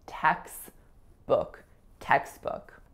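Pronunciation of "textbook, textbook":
In 'textbook', the t at the end of 'text' is dropped completely and is not heard.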